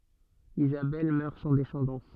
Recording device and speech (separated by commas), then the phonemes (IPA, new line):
soft in-ear microphone, read sentence
izabɛl mœʁ sɑ̃ dɛsɑ̃dɑ̃s